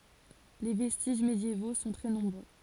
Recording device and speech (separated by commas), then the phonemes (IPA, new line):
forehead accelerometer, read sentence
le vɛstiʒ medjevo sɔ̃ tʁɛ nɔ̃bʁø